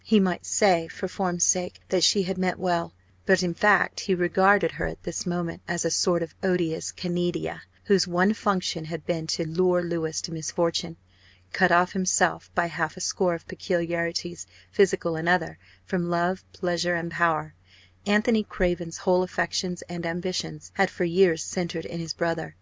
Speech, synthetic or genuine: genuine